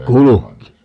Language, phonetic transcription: Finnish, "kuluki .
- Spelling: kulki

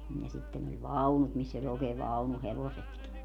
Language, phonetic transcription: Finnish, ja 'sitten ‿oĺ "vaunut miss ‿oĺ ‿ookee 'vaunu'hevosetki .
- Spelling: ja sitten oli vaunut missä oli oikein vaunuhevosetkin

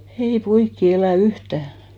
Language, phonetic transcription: Finnish, 'ei 'poikki 'elä̀ "yhtä̀ .
- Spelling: ei poikia elä yhtään

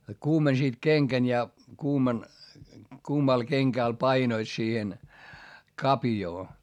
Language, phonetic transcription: Finnish, kuumensiit keŋkän ja , kuuman , kuumal keŋkä̀l painoit siihen , kapjoo .
- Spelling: kuumensivat kengän ja kuuman kuumalla kengällä painoivat siihen kavioon

